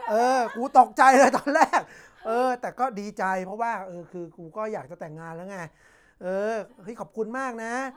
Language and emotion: Thai, happy